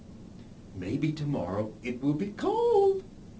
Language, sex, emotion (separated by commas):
English, male, happy